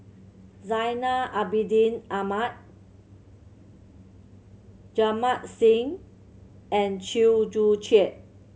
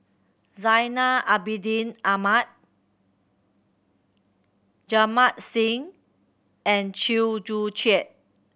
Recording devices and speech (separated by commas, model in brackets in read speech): mobile phone (Samsung C7100), boundary microphone (BM630), read sentence